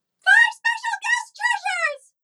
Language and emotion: English, neutral